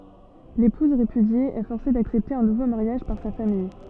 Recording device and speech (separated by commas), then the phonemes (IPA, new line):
soft in-ear microphone, read sentence
lepuz ʁepydje ɛ fɔʁse daksɛpte œ̃ nuvo maʁjaʒ paʁ sa famij